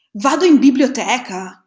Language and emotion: Italian, surprised